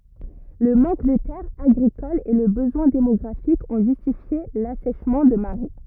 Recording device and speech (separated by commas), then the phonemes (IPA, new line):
rigid in-ear microphone, read sentence
lə mɑ̃k də tɛʁz aɡʁikolz e lə bəzwɛ̃ demɔɡʁafik ɔ̃ ʒystifje lasɛʃmɑ̃ də maʁɛ